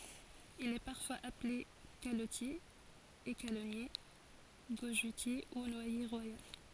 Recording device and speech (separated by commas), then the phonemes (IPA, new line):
forehead accelerometer, read sentence
il ɛ paʁfwaz aple kalɔtje ekalɔnje ɡoʒøtje u nwaje ʁwajal